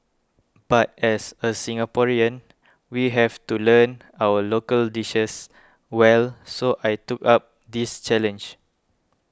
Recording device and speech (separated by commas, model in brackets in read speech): close-talking microphone (WH20), read sentence